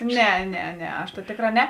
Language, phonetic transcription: Lithuanian, ˈne ˈne ˈne aš ta ˈtėkˌrā ˈne

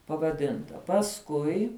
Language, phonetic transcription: Lithuanian, pavaˈdinta pasˈkui

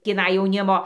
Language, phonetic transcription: Lithuanian, tįˈnai jauˈnimo

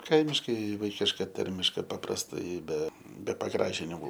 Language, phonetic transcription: Lithuanian, ˈkaimiškai ˈvaikiška ˈtarmiška paprasˈtai ˈbe be paˈgražinimu

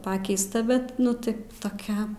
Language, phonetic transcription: Lithuanian, ˈpakeista ˈbet ˈnu ˈtai toˈkia

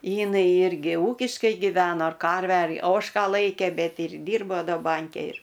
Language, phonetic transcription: Lithuanian, ˈjinai ˈirgi ˈūkiškai giˈveno ar ˈkarvę ar ˈožką ˈlaikė ˈbet ir ˈdyrbo ˈda ˈbanke ir

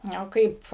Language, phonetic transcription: Lithuanian, ˈnio ˈkaip

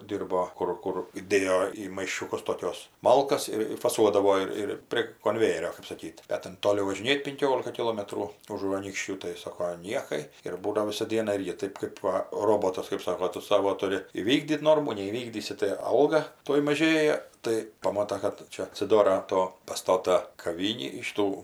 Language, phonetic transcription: Lithuanian, ˈdyrbo ˈkur ˈkur ˈdėjo į maišiuˈkus toˈkiuos ˈmalkas ir ir faˈsuodavo ir ˈir prie konˈvejerio kɜp saˈkyt ˈbet ten ˈtoli važiˈnėt pinˈkiolika kiˈlometrų užu anykšˈčių tai ˈsoko ˈniekai ir ˈbūna ˈvisa ˈdiena ˈirgi ˈtɜp kɜp ˈva ˈrobotas kɜp ˈsako ˈtu ˈsavo tuˈri įˈvykdyt ˈnormų neįˈvykdysi tai ˈalga ˈtuoj maˈžėja tai paˈmota kad ˈčia atsiˈdora ˈto paˈstota kaˈvynį ˈšytų

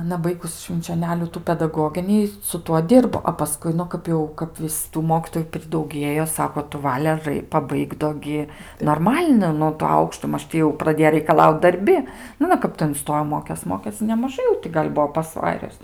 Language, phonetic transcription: Lithuanian, aˈna ˈbaigus švinčioˈnelių ˈtų pedaˈgoginį su ˈtuo ˈdirbo a paˈskui ˈnu ˈkap jau kap ˈvis tų ˈmokytoju pridauˈgiejo ˈsako tu ˈvale ˈrai paˈbaik do ˈgi norˈmal'nai ˈnu to ˈaukšto ˈmaž ti jau praˈdėjo raikaˈlaut darˈbi nu aˈna ˈkap tai inˈstojo ˈmokės ˈmokės nemaˈžai jau ˈti kap gal' ˈbuo pasˈvarius

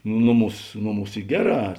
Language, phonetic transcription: Lithuanian, ˈnoˌmūs ˈnoˌmūs ˈy ˈgeˌrā

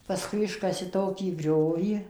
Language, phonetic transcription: Lithuanian, paˈskui ˈiškasi ˈtokį ˈgriovį

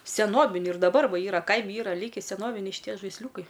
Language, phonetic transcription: Lithuanian, seˈnobiniu ir daˈbar ˈva ˈyra ˈkaimi ˈyra ˈlyki seˈnoviniai šiˈtie žaisˈliūkai

